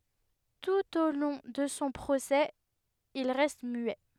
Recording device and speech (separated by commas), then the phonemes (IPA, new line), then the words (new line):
headset microphone, read sentence
tut o lɔ̃ də sɔ̃ pʁosɛ il ʁɛst myɛ
Tout au long de son procès, il reste muet.